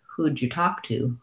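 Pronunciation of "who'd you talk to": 'Who did' is reduced to 'who'd', so the phrase is connected and said in fewer syllables, and it sounds smoother and easier.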